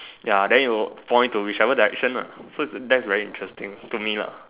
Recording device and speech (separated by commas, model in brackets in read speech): telephone, conversation in separate rooms